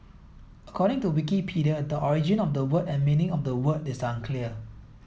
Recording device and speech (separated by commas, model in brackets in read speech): mobile phone (iPhone 7), read sentence